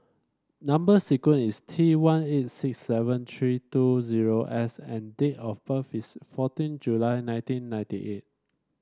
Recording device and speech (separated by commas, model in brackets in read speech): standing microphone (AKG C214), read sentence